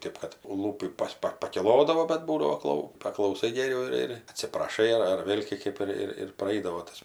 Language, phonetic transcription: Lithuanian, ˈtėp kad ˈlūpį ˈpas ˈpa pakiˈlodavo bad ˈbūdavo ˈklau paklauˈsai geˈriau ir ir atsipraˈšai ar ar ˈvėl' kė ˈkɜp ir ir praˈeidavo ˈtas

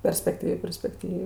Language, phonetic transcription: Lithuanian, perspekˈtyvė perspekˈtyvė

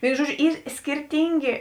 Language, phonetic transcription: Lithuanian, ˈvėinu ˈžuoˌdžiu ˈyr skirˈtyngė

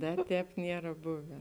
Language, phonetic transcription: Lithuanian, ˈda ˈtēp ˈniera ˈbuve

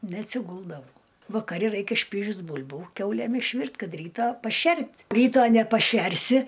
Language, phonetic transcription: Lithuanian, neatsiˈguldavau vakaˈri ˈraikia ˈšpyžius ˈbul'bų ˈkiaulėm išˈvirt' ˈkad ˈrytą paˈšert' ˈryto nepaˈšersi

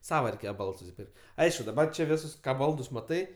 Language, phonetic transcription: Lithuanian, ˈsava reiˈkėje ˈbalds susiˈpirk't' ˈaišku daˈbar čia ˈvisus ˈką ˈbaldus maˈtai

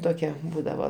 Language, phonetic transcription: Lithuanian, ˈtokia ˈbūdavo

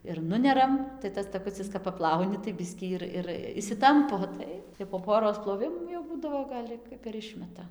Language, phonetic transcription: Lithuanian, ir ˈnuneram tai ˈtas taˈkucis kap paˈplauni tai ˈbiskį ir ir išsiˈtampo ˈtai jau po ˈporos ploˈvimų jau ˈbūdavo ˈgal' i kap ir ˈišmeta

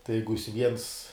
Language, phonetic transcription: Lithuanian, tai ˈjeigu jis viens

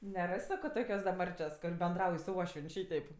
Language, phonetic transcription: Lithuanian, neˈras' ˈsako ˈtokios da ˈmarčios kur benˈdrauj su ˈuošvien' ˈšyteip

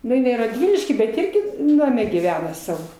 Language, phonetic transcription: Lithuanian, nu inai radˈvilišky bet ˈirgi ˈname gyˈvena ˈsavo

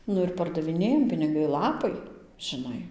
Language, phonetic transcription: Lithuanian, ˈnu ir pardaviˈnėjam piniˈgai ˈlapai žiˈnai

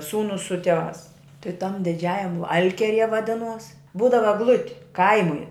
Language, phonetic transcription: Lithuanian, ˈsūnus su tieˈvās ti tam diˈdžiajam ˈalkierie vaˈdinuos ˈbūdava egˈluti ˈkaimui

